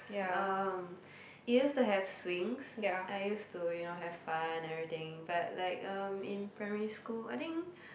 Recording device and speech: boundary microphone, conversation in the same room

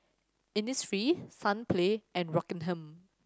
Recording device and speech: standing microphone (AKG C214), read sentence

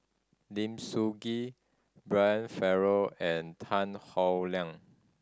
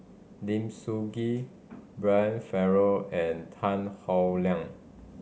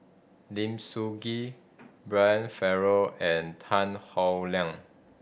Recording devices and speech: standing microphone (AKG C214), mobile phone (Samsung C5010), boundary microphone (BM630), read sentence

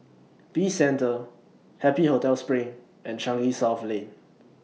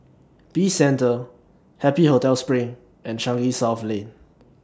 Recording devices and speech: mobile phone (iPhone 6), standing microphone (AKG C214), read sentence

